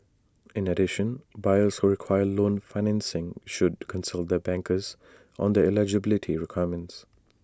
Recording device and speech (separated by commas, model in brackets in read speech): standing microphone (AKG C214), read sentence